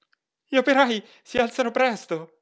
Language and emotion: Italian, fearful